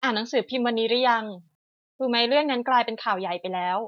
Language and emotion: Thai, neutral